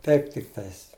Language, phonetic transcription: Lithuanian, ˈtaip tikˈtais

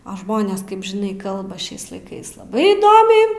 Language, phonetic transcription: Lithuanian, a ˈžmonės ˈkaip žiˈnai ˈkalba ˈšiais laiˈkais laˈbai įˈdomiai

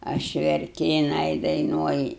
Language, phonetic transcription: Lithuanian, ˈaš verˈki jiˈnai daiˈnuoji

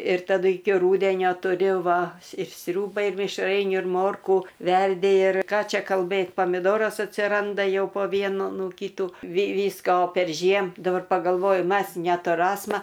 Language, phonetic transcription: Lithuanian, ir taˈdu ˈiki ˈrūdenio tuˈriu ˈva ir ˈsriūbai ir mišˈrainių ir ˈmorkų ˈverdi ir ˈką ˈčia kalˈbɘt pomiˈdoras atsiˈranda ˈjau po ˈvienu ˈnu ˈkytų vi ˈvysko perˈžiem daˈbar pagalˈvoju ˈmas netuˈrasma

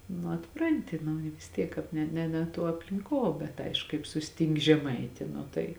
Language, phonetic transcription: Lithuanian, nu atˈpranti nu i vis ˈtiek ˈkāp ne ne ne ˈtuo aplinˈkuo bet ˈaišku kaip susˈtinki žeˈmaiti ˈnu tai

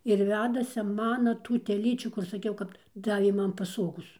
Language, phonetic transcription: Lithuanian, ir ˈvedasi ˈmana ˈtų teˈlyčių kur saˈkiau ˈkap ˈdavė ˈman paˈsogos

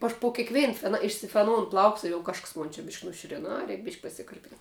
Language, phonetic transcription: Lithuanian, aš po kėkˈvėn fen išsifeˈnoun ˈplauks ir jau ˈkažks ˈmon čia bišk' nuˈšiuren ˈa ˈreik bišk' pasikar'ˈpin

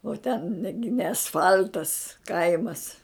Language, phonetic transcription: Lithuanian, o ten ne gi ne asˈfal'tas ˈkaimas

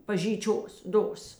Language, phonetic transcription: Lithuanian, pažyˈčios ˈdos

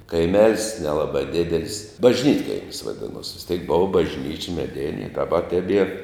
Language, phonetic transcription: Lithuanian, kaiˈmel's' neˈlaba ˈdidel's' bažˈnytkaimis vaˈdinuos vis ˈteik ˈbova bažˈnyči meˈdini i daˈba teˈbier

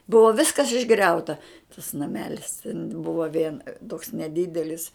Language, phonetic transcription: Lithuanian, ˈbuvo ˈviskas išˈgriauta tas naˈmelis ten ˈbuvo vien toks neˈdidelis

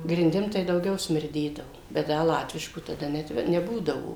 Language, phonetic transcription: Lithuanian, grinˈdim tai dauˈgiau smirˈdėdavo bet ˈda ˈlatvišku taˈda netˈve neˈbūdavo

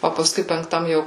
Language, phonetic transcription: Lithuanian, o pasˈkui penkˈtam ˈjau

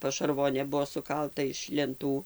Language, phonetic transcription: Lithuanian, pašarˈvonė ˈbuvo suˈkalta iš lenˈtų

